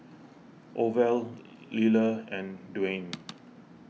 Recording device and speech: mobile phone (iPhone 6), read sentence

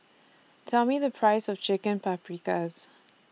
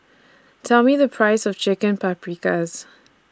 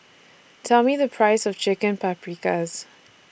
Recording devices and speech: mobile phone (iPhone 6), standing microphone (AKG C214), boundary microphone (BM630), read sentence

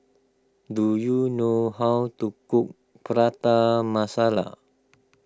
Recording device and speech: close-talking microphone (WH20), read sentence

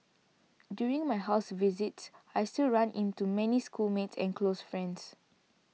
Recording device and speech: mobile phone (iPhone 6), read sentence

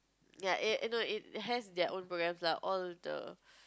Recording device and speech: close-talking microphone, conversation in the same room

